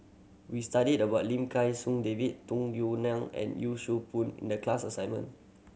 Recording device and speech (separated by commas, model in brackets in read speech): mobile phone (Samsung C7100), read sentence